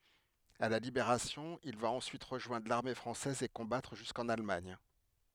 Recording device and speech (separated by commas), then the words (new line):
headset microphone, read sentence
À la Libération, il va ensuite rejoindre l'armée française et combattre jusqu'en Allemagne.